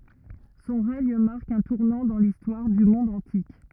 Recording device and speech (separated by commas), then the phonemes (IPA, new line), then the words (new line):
rigid in-ear microphone, read sentence
sɔ̃ ʁɛɲ maʁk œ̃ tuʁnɑ̃ dɑ̃ listwaʁ dy mɔ̃d ɑ̃tik
Son règne marque un tournant dans l'histoire du monde antique.